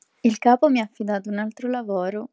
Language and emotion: Italian, neutral